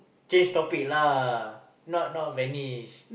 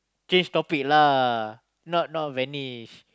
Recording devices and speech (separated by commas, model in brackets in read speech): boundary microphone, close-talking microphone, conversation in the same room